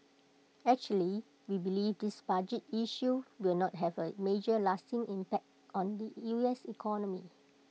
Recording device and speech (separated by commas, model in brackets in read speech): mobile phone (iPhone 6), read sentence